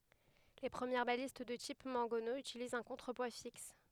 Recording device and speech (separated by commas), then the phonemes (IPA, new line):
headset microphone, read sentence
le pʁəmjɛʁ balist də tip mɑ̃ɡɔno ytilizt œ̃ kɔ̃tʁəpwa fiks